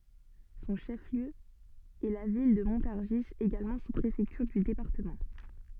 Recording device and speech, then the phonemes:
soft in-ear microphone, read sentence
sɔ̃ ʃəfliø ɛ la vil də mɔ̃taʁʒi eɡalmɑ̃ suspʁefɛktyʁ dy depaʁtəmɑ̃

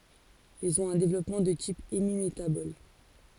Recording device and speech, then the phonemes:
forehead accelerometer, read sentence
ilz ɔ̃t œ̃ devlɔpmɑ̃ də tip emimetabɔl

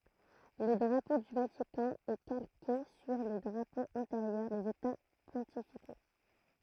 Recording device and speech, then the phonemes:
throat microphone, read sentence
lə dʁapo dy vatikɑ̃ ɛ kalke syʁ le dʁapoz ɑ̃teʁjœʁ dez eta pɔ̃tifiko

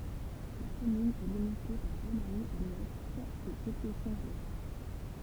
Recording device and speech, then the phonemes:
temple vibration pickup, read sentence
la kɔmyn ɛ limite paʁ ɡʁɔsmaɲi a lwɛst e etyɛfɔ̃t a lɛ

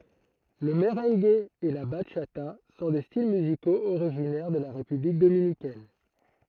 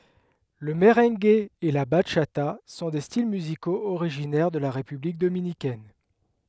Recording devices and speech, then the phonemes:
throat microphone, headset microphone, read sentence
lə məʁɑ̃ɡ e la baʃata sɔ̃ de stil myzikoz oʁiʒinɛʁ də la ʁepyblik dominikɛn

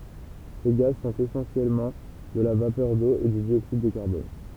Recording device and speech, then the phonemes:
temple vibration pickup, read sentence
se ɡaz sɔ̃t esɑ̃sjɛlmɑ̃ də la vapœʁ do e dy djoksid də kaʁbɔn

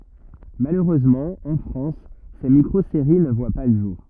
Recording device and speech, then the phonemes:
rigid in-ear microphone, read sentence
maløʁøzmɑ̃ ɑ̃ fʁɑ̃s se mikʁozeʁi nə vwa pa lə ʒuʁ

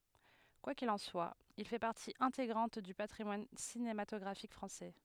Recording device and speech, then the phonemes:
headset microphone, read sentence
kwa kil ɑ̃ swa il fɛ paʁti ɛ̃teɡʁɑ̃t dy patʁimwan sinematɔɡʁafik fʁɑ̃sɛ

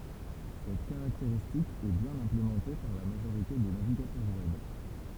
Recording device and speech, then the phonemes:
temple vibration pickup, read sentence
sɛt kaʁakteʁistik ɛ bjɛ̃n ɛ̃plemɑ̃te paʁ la maʒoʁite de naviɡatœʁ wɛb

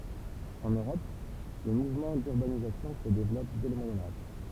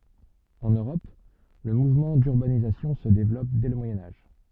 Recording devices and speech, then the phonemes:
temple vibration pickup, soft in-ear microphone, read sentence
ɑ̃n øʁɔp lə muvmɑ̃ dyʁbanizasjɔ̃ sə devlɔp dɛ lə mwajɛ̃ aʒ

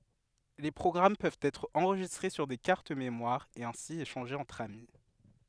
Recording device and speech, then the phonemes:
headset microphone, read sentence
le pʁɔɡʁam pøvt ɛtʁ ɑ̃ʁʒistʁe syʁ de kaʁt memwaʁz e ɛ̃si eʃɑ̃ʒez ɑ̃tʁ ami

